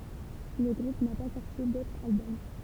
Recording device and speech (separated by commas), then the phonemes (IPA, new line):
temple vibration pickup, read sentence
lə ɡʁup na pa sɔʁti dotʁ albɔm